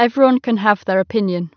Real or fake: real